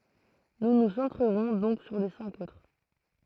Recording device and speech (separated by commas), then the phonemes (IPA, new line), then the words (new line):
throat microphone, read sentence
nu nu sɑ̃tʁəʁɔ̃ dɔ̃k syʁ le sɛ̃k otʁ
Nous nous centrerons donc sur les cinq autres.